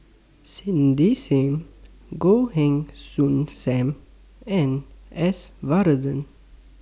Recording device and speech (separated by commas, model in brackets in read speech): standing microphone (AKG C214), read sentence